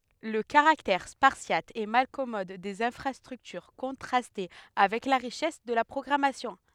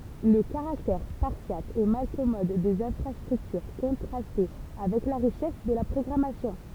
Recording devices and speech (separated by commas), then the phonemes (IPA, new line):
headset microphone, temple vibration pickup, read sentence
lə kaʁaktɛʁ spaʁsjat e malkɔmɔd dez ɛ̃fʁastʁyktyʁ kɔ̃tʁastɛ avɛk la ʁiʃɛs də la pʁɔɡʁamasjɔ̃